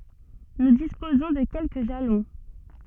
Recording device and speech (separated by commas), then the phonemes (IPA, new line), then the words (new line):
soft in-ear microphone, read sentence
nu dispozɔ̃ də kɛlkə ʒalɔ̃
Nous disposons de quelques jalons.